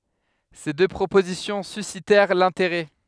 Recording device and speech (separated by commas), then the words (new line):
headset microphone, read sentence
Ces deux propositions suscitèrent l'intérêt.